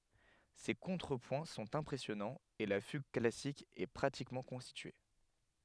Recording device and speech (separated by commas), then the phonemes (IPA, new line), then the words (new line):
headset microphone, read sentence
se kɔ̃tʁəpwɛ̃ sɔ̃t ɛ̃pʁɛsjɔnɑ̃z e la fyɡ klasik ɛ pʁatikmɑ̃ kɔ̃stitye
Ses contrepoints sont impressionnants et la fugue classique est pratiquement constituée.